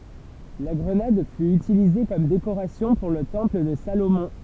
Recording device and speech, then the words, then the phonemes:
temple vibration pickup, read sentence
La grenade fut utilisée comme décoration pour le temple de Salomon.
la ɡʁənad fy ytilize kɔm dekoʁasjɔ̃ puʁ lə tɑ̃pl də salomɔ̃

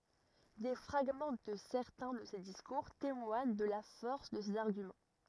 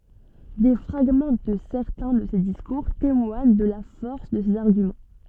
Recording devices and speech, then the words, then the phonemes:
rigid in-ear microphone, soft in-ear microphone, read sentence
Des fragments de certains de ses discours témoignent de la force de ses arguments.
de fʁaɡmɑ̃ də sɛʁtɛ̃ də se diskuʁ temwaɲ də la fɔʁs də sez aʁɡymɑ̃

